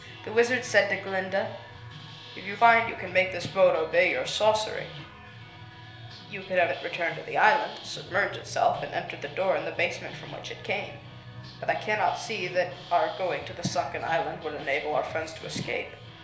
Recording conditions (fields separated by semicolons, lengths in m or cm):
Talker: one person; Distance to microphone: 1.0 m; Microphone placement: close; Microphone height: 1.1 m; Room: small (3.7 m by 2.7 m); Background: music